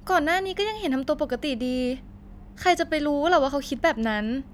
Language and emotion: Thai, neutral